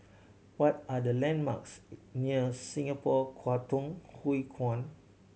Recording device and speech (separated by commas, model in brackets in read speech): mobile phone (Samsung C7100), read sentence